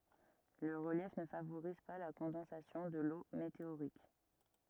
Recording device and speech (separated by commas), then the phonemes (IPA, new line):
rigid in-ear microphone, read sentence
lə ʁəljɛf nə favoʁiz pa la kɔ̃dɑ̃sasjɔ̃ də lo meteoʁik